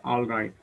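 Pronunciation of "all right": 'All right' is pronounced incorrectly here.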